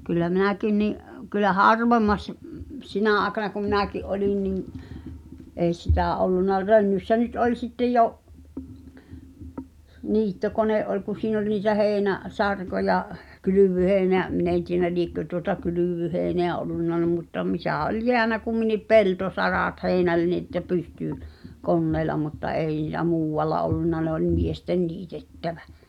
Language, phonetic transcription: Finnish, kyllä 'minäkin ni’ , kyllä "harvemmas- ᵐ- ᵐp- "sinä̀ aaᵉkana kum̆ minäki’ '’olin niŋ , 'èi sitä̀ 'ollunna "Rönnyssä nyt oĺ sittj 'jo’ , 'niitto'kone’ ’oĺ kuⁿ̬ 'siin ‿ol niitä "heenä- , -'sarkoja , "kylyv̆vyheeⁱneä , 'min ‿en tienä "liḙkkö tuota "kylỳv̀yheeⁱneä ollunna n(e) mutta 'mitä̀ ol "jeänä kumminip "peltosaràt 'hèinälni ‿ḙttä "pystỳ , "konneela mutta "ei nì(t)ä 'muuwwalla ollunna ne ‿oĺ 'miestem "niitettävä .
- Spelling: kyllä minäkin niin kyllä harvemmassa - - sinä aikana kun minäkin olin niin ei sitä ollut Rönnyssä nyt oli sitten jo niittokone oli kun siinä oli niitä - heinäsarkoja kylvöheinää minä en tiedä liekö tuota kylvöheinää ollut ne mutta mitä oli jäänyt kumminkin peltosarat heinällä että pystyi koneella mutta ei niitä muualla ollut ne oli miesten niitettävä

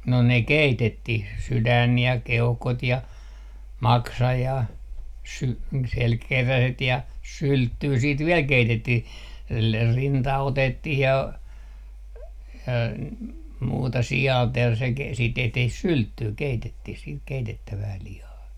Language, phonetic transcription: Finnish, no ne "keitettih , 'sydän ja 'keuhkot ja , 'maksa ja , 'sy- , selkeräset ja "sylttyy siit "viɛl 'keitettih , le - rinta 'otettih ja , ja muuta 'si₍àlt ja se ke- , siit 'tehtih "sylttyy 'keitettih siit keitettävää 'lihaa .
- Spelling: no ne keitettiin sydän ja keuhkot ja maksa ja - selkäkeräset ja sylttyä sitten vielä keitettiin - rinta otettiin ja ja muuta sialta ja se - siitä tehtiin sylttyä keitettiin sitten keitettävää lihaa

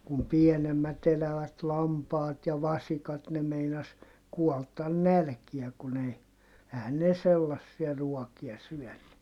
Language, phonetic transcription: Finnish, kum pienemmät ‿elävät lampaat ja vasikat ne meinas kuɔltan nälkiä kun ‿ei , ehän ne sellassia ruɔkia syɔ̈̀nny .
- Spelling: kun pienemmät elävät lampaat ja vasikat ne meinasi kuolla nälkään kun ei eihän ne sellaisia ruokia syönyt

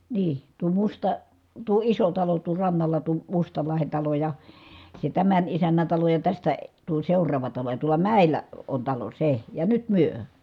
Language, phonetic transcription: Finnish, nii , tuo Musta- , tuo iso talo tuo rannala tuo , Mustalahen talo ja , se tämän isännän̬ talo ja tästä , tuo seur̀aava talo ja tuola mä̀il̆lä , on talo se , ja nyt myö .
- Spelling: niin tuo - tuo iso talo tuo rannalla tuo Mustalahden talo ja se tämän isännän talo ja tästä tuo seuraava talo ja tuolla mäellä on talo se ja nyt me

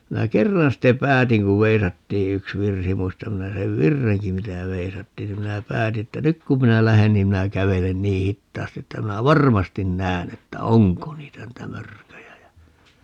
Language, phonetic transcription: Finnish, 'minä "kerran ste "päätiŋ ku 'veisattii 'yks "virsi - 'muistam 'minä 'sev "virreŋki 'mitä 'veisattiin ni 'minä "pääti että » "nyk kum minä 'lähen niim 'minä 'kävelen "nii 'hittaasti että 'minä "varmastin 'nään ‿että "oŋko 'niitä niitä "mörköjä » jä , .
- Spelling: minä kerran sitten päätin kun veisattiin yksi virsi muistan minä sen virrenkin mitä veisattiin niin minä päätin että nyt kun minä lähden niin minä kävelen niin hitaasti että minä varmasti näen että onko niitä niitä mörköjä ja

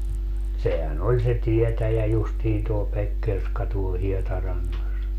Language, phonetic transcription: Finnish, 'sehä"n ‿oĺ se 'tietäjä justiin tuo 'Pekkerska tuol "Hietarannas .
- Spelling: sehän oli se tietäjä justiin tuo Pekkerska tuolla Hietarannassa

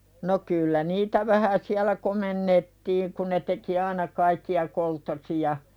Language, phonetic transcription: Finnish, no 'kyllä niitä vähä siälä "komennettiiŋ ku ne teki "aina kaikki₍a 'kolttosija .
- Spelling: no kyllä niitä vähän siellä komennettiin kun ne teki aina kaikkia kolttosia

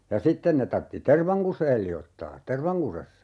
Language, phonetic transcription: Finnish, ja 'sitten ne tartti "tervaŋ kuseel 'li₍ottaa , "tervaŋkusessa .
- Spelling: ja sitten ne tarvitsi tervan kuseen liottaa tervankusessa

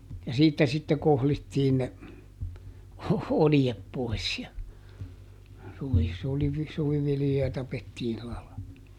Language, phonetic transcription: Finnish, ja ˈsiittä sitte ˈkohlittiin ne , "oljep ˈpoi̮s ja , suvi- , sulivi- , ˈsuviviljoja ˈtapettiin ˈsila la- .
- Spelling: ja siitä sitten kohlittiin ne oljet pois ja - - suviviljoja tapettiin sillä -

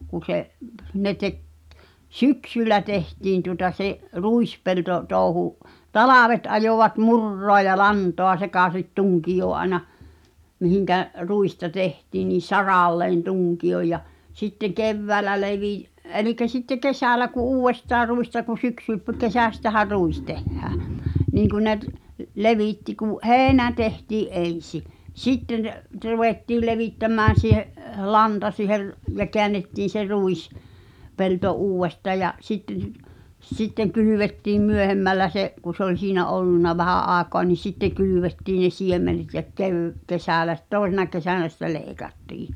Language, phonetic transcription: Finnish, kun̬ se’ , 'ne tek , "syksyllä tehtiin tuŏta 'se’ , 'ruispelto- , -'tòu̬hu’ , "talàvet ajovat "mur̀roa ja "lantoa sekàsit 'tuŋkijoo ’aĕna , mihiŋkä’ , 'ruista 'tehtiin̆ nì "saràlleen 'tuŋki₍oj ja , 'sitteᵑ "kevväälä 'levì- , 'elikä 'sitte "kesä̀lä ku '’uuwestaa ruista ku 'syksyp̳- , -"kesästähär 'ruis tehhää , niiŋ kun 'ne t- , "levìtti ku’ , "heenä tehtii’ '’en̬si , "sitten , t-'ruvèttiil 'levìttämmään̬ siihe’ , "lanta siiher- , ja 'keännettiin̬ se "ruis- , -'pelto "uuw̆westaa ja’ , 'sitten , 'sitteŋ 'kylyvettiim "myöhemmällä 'se’ , ku se ‿oĺ "siinä 'ollunna 'vähä’ '’aaᵉkoa ni "sitte kylyvettiin̆ ne 'siemmenet ja 'keẅ- , 'kesä̀lä sit- , "tòesena 'kesä̀nä sitte 'leekattii .
- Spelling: kun se ne teki syksyllä tehtiin tuota se - ruispeltotouhu talvet ajoivat muraa ja lantaa sekaisin tunkioon aina mihin ruista tehtiin niin saralleen tunkion ja sitten keväällä - eli sitten kesällä kun uudestaan ruista kun - syksykesästähän ruis tehdään niin kun ne - levitti kun heinä tehtiin ensi sitten ruvettiin levittämään siihen lanta - ja käännettiin se - ruispelto uudestaan ja sitten sitten kylvettiin myöhemmällä se kun se oli siinä ollut vähän aikaa niin sitten kylvettiin ne siemenet ja - kesällä - toisena kesänä sitten leikattiin

